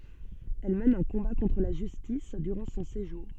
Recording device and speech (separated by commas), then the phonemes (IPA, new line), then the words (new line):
soft in-ear microphone, read sentence
ɛl mɛn œ̃ kɔ̃ba kɔ̃tʁ la ʒystis dyʁɑ̃ sɔ̃ seʒuʁ
Elle mène un combat contre la justice durant son séjour.